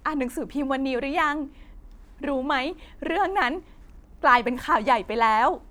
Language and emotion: Thai, happy